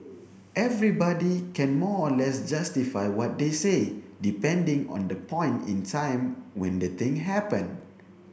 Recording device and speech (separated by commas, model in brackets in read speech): boundary microphone (BM630), read sentence